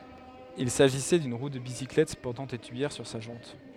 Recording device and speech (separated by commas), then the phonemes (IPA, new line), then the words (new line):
headset microphone, read sentence
il saʒisɛ dyn ʁu də bisiklɛt pɔʁtɑ̃ de tyijɛʁ syʁ sa ʒɑ̃t
Il s'agissait d'une roue de bicyclette portant des tuyères sur sa jante.